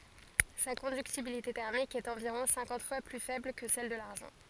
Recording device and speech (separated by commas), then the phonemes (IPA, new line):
forehead accelerometer, read sentence
sa kɔ̃dyktibilite tɛʁmik ɛt ɑ̃viʁɔ̃ sɛ̃kɑ̃t fwa ply fɛbl kə sɛl də laʁʒɑ̃